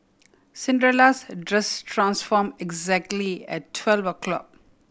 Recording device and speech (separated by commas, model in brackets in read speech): boundary microphone (BM630), read sentence